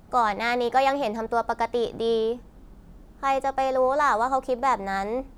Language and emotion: Thai, frustrated